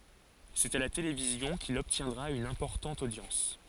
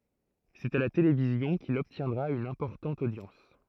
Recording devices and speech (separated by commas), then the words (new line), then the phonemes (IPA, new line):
forehead accelerometer, throat microphone, read sentence
C'est à la télévision qu'il obtiendra une importante audience.
sɛt a la televizjɔ̃ kil ɔbtjɛ̃dʁa yn ɛ̃pɔʁtɑ̃t odjɑ̃s